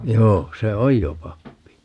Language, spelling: Finnish, joo se on jo pappi
- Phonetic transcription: 'joo , 'se "oj jo 'pappi .

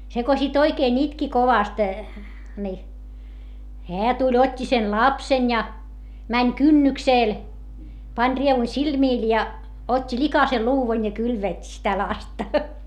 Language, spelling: Finnish, se kun sitten oikein itki kovasti niin hän tuli otti sen lapsen ja meni kynnykselle pani rievun silmille ja otti likaisen luudan ja kylvetti sitä lasta
- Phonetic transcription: se ko sit oikeen ‿itki kovast , ni , heä tuĺ ot́t́i sen lapsen ja , mäń kynnyksèl , pań rievu silmìl ja , ot́t́i likase luuvan ja kylvèt́t́i sitä lasta .

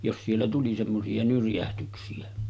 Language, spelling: Finnish, jos siellä tuli semmoisia nyrjähdyksiä
- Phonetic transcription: jos siellä tuli semmosi₍a 'nyrjähtyksi₍ä .

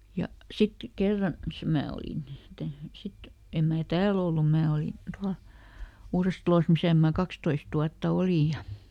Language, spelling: Finnish, ja sitten kerran - minä olin mitä sitten en minä täällä ollut minä olin tuolla Uudessatalossa missä minä kaksitoista vuotta olin ja
- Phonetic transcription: ˈja , "sit , ˈkerran , se- ˈmää olin (mitä) ˈsit , ˈem mää "tääl ‿ollum ˈmää olin̬ ˈtual , "Uurestᵃlos ˈmisä̀ mää ˈkakstoist ‿uatta "olì ja ,.

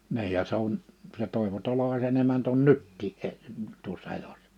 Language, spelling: Finnish, niin ja se on se Toivo Tolvasen emäntä on nytkin - tuossa elossa
- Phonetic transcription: 'ni̬ij ja se ‿on , se Tòi̬vo 'Tolovasen ‿emänt ‿on "nyttii 'e- , tuossa 'elossᴀ .

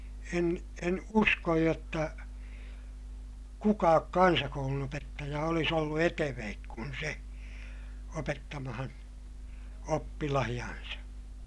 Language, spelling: Finnish, en en usko jotta kukaan kansakoulunopettaja olisi ollut etevämpi kuin se opettamaan oppilaitaan
- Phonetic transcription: en en uskoj jotta , kukaak kansakoulunopettaja olis ‿ollu eteveek kun se , opettamahan , oppilahiʲansa .

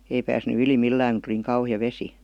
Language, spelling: Finnish, ei päässyt yli millään kun tuli niin kauhea vesi
- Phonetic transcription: 'ei pääsny 'yli "millääŋ ku tuli niiŋ 'kauhi₍a "vesi .

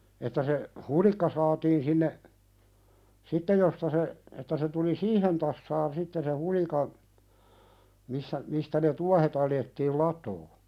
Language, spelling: Finnish, että se hulikka saatiin sinne sitten josta se että se tuli siihen tasaan sitten se hulikan missä mistä ne tuohet alettiin latoa
- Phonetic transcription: että se , "hulikka saatiin sinne , 'sittej josta se , että se tuli "siihen tassaan sitte se 'hulikan , 'missä , 'mistä ne "tuahet ‿aljettiil "lat̀oo .

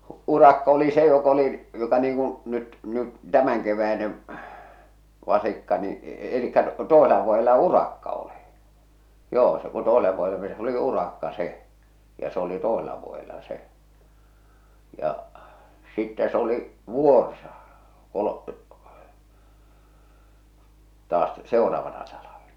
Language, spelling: Finnish, urakka oli se joka oli jota niin kuin nyt nyt tämänkeväinen vasikka niin eli toisella vuodella urakka oli joo se kun toiselle vuodelle meni se oli urakka se ja se oli toisella vuodella se ja sitten se oli vuorsa - taas seuraavana talvena
- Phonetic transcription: 'urakka oli se jok ‿oli , jota niiŋ kuṵ nyt , nyt , 'tämäŋkeväinev , 'vasikka ni , elikkä 'toesela vuojela "urakka oli , 'joo , se ku 'toesele vuojele meni sᵉ oli "urakka 'se , ja s ‿oli 'tòesela vuojela "se , ja , sittä s ‿oli , "vùorsa , "kolo- , taas , 'sèoraavana talaᴠᴇɴᴀ .

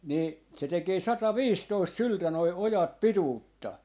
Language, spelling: Finnish, niin se tekee sataviisitoista syltä nuo ojat pituutta
- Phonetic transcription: 'nì , se 'tekee 'sata"viistoist "syltä noi 'ojat "pituutta .

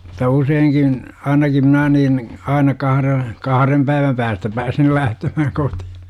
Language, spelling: Finnish, - useinkin ainakin minä niin aina kahden kahden päivän päästä pääsin lähtemään kotiin
- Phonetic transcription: -ta 'useiŋkin , 'ainaki 'mnää niin , 'aina 'kahre , "kaharem päiväm päästä 'pääsil 'lähtemähäŋ 'kotI(hI) .

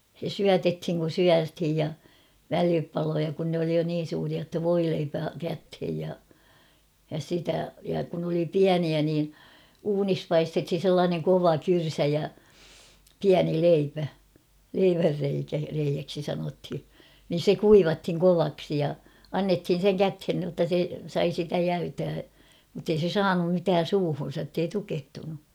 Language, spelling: Finnish, se syötettiin kun syötiin ja välipaloja kun ne oli jo niin suuria jotta voileipä käteen ja ja sitä ja kun oli pieniä niin uunissa paistettiin sellainen kova kyrsä ja pieni leipä leivänreikä reiäksi sanottiin niin se kuivattiin kovaksi ja annettiin sen käteen jotta se sai sitä jäytää mutta ei se saanut mitään suuhunsa että ei tukehtunut
- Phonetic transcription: se "syätethiŋ kun̬ "syäthij ja , "välipaloja kun ne oli jo 'niin̬ suuria ‿tta "voileipä 'käthej ja , ja 'sitä , ja kun ‿oli "piäniä nii , "uunis 'paistethin̬ 'sellaaneŋ "kova "kyrsä ja , "piäni "leipä , 'leivärreikä , reijäksi sanothi , nin̬ 'se "kuivathiŋ"kovaksi ja , "annethin̬ seŋ "käthen nⁱotta se , 'sai sitä "jäytää , muttei se "saanum 'mitään̬ "suuhun̬sa ‿ttei 'tukehtunu .

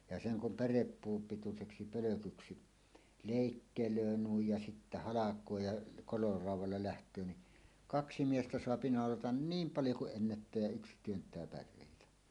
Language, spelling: Finnish, ja sen kun pärepuun pituiseksi pölkyksi leikkelee noin ja sitten halkoo ja raudalla lähtee niin kaksi miestä saa naulata niin paljon kuin ennättää ja yksi työntää päreitä
- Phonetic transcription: ja 'seŋ 'kum "päreppuum 'pituseksi 'pölökyksi , 'lèikkelöö nuij ja sittä "halak̀oo ja , koiorauw̆walla läht̀öö ni , "kaksi 'miestä soapi 'nàolatan "niim 'paljo ku’ ’ennättää jä 'yks työnt̀ää pär̆rèitä .

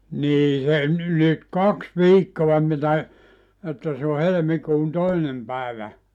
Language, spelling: Finnish, niin se nyt kaksi viikkoa mitä että se on helmikuun toinen päivä
- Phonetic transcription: nii se , nyt "kaks "viikkoa mitä , että se o 'helᵉmikuun 'toinem pä̀evä .

